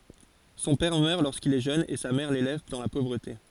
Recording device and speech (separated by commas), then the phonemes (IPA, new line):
forehead accelerometer, read sentence
sɔ̃ pɛʁ mœʁ loʁskil ɛ ʒøn e sa mɛʁ lelɛv dɑ̃ la povʁəte